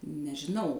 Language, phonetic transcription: Lithuanian, nežiˈnau

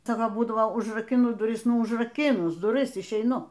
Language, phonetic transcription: Lithuanian, ˈcia ˈva ˈbūdavo užrakiˈnu duˈris užraˈkinus duˈris išeiˈnu

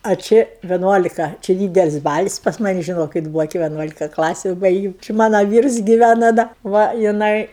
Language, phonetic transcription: Lithuanian, a či viˈnuolika či ˈdydelis' ˈbalis pas ˈmani žiˈnokit ˈbūvo ki vieˈnuolika ˈklasiu ˈbaigėm či ˈmana ˈvyrs giˈvæna ˈda ˈva jiˈnai

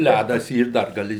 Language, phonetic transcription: Lithuanian, ˈlædas ˈyr dar gaˈli

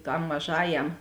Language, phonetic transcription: Lithuanian, tam maˈžajam

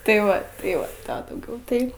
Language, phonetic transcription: Lithuanian, tai ˈva tai ˈva ˈtą dauˈgiau tai

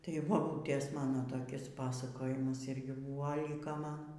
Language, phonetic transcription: Lithuanian, tai baˈbūtės ˈmano toˈkis ˈpasakojimas ˈirgi ˈbūva ˈliko ˈman

